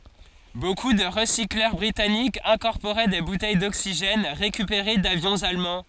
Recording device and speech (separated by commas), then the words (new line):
forehead accelerometer, read sentence
Beaucoup de recycleurs britanniques incorporaient des bouteilles d'oxygène récupérées d'avions allemands.